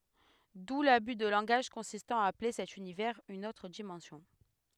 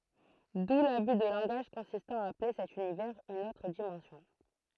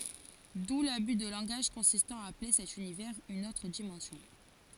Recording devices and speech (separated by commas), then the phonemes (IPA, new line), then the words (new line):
headset microphone, throat microphone, forehead accelerometer, read sentence
du laby də lɑ̃ɡaʒ kɔ̃sistɑ̃ a aple sɛt ynivɛʁz yn otʁ dimɑ̃sjɔ̃
D'où l'abus de langage consistant à appeler cet univers une autre dimension.